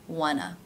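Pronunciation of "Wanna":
In 'wanna', the first syllable is stressed, and its vowel is closer to the uh sound in 'butter'. The final syllable is a short, unstressed schwa.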